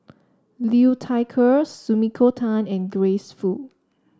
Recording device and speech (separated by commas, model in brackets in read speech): standing microphone (AKG C214), read sentence